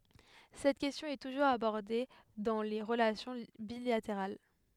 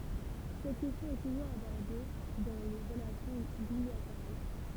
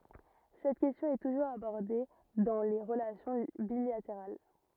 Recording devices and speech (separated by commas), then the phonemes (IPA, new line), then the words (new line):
headset microphone, temple vibration pickup, rigid in-ear microphone, read sentence
sɛt kɛstjɔ̃ ɛ tuʒuʁz abɔʁde dɑ̃ le ʁəlasjɔ̃ bilateʁal
Cette question est toujours abordée dans les relations bilatérales.